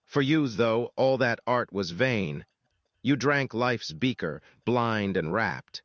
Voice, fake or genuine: fake